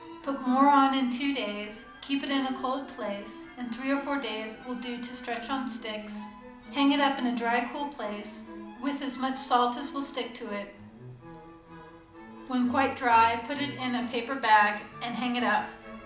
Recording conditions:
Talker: one person; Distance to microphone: 2.0 m; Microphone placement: close; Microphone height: 99 cm; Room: medium-sized (5.7 m by 4.0 m); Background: music

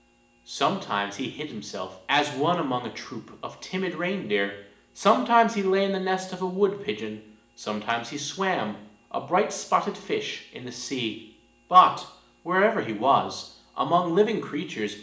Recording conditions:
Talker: one person; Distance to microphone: 1.8 m; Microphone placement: close; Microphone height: 1.0 m; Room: large; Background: none

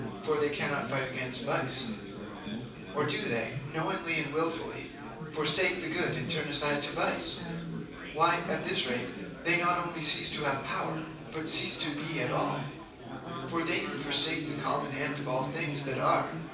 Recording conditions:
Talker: one person; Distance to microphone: 5.8 m; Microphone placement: far; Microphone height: 1.8 m; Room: medium-sized (5.7 m by 4.0 m); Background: babble

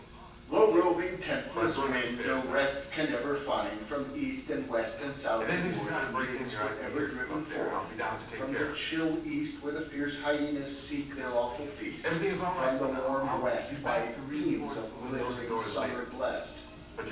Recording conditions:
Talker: one person; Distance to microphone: 9.8 m; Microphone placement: far; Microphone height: 1.8 m; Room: large; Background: television

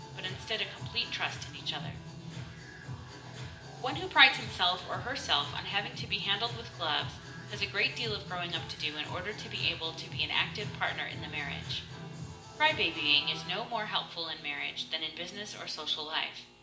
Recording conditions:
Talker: one person; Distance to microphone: 1.8 m; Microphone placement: close; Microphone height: 1.0 m; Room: large; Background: music

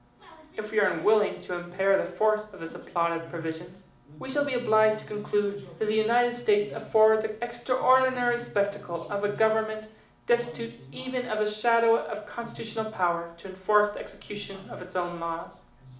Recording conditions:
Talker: one person; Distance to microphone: 2.0 m; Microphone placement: close; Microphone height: 99 cm; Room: medium-sized (5.7 m by 4.0 m); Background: television

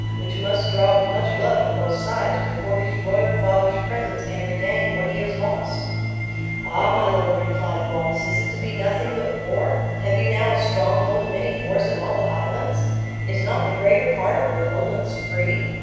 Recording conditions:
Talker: one person; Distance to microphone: 7.1 m; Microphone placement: far; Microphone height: 1.7 m; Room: very reverberant, large; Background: music

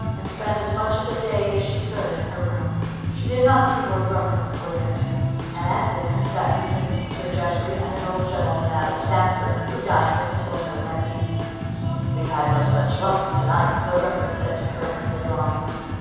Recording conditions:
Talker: one person; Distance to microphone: 7.1 m; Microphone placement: far; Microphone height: 1.7 m; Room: very reverberant, large; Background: music

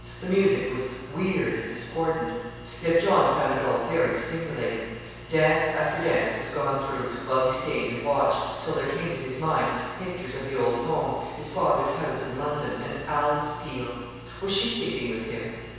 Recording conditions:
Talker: one person; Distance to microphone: 7.1 m; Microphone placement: far; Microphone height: 1.7 m; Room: very reverberant, large; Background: none

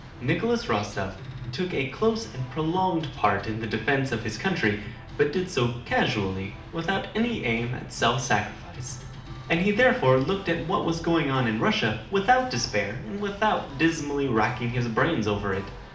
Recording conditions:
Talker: one person; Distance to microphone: 2.0 m; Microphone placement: close; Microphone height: 99 cm; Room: medium-sized (5.7 m by 4.0 m); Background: music

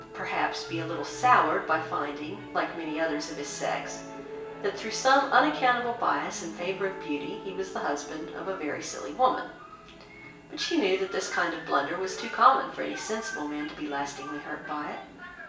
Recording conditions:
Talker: one person; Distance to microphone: 1.8 m; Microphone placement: close; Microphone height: 1.0 m; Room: large; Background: television

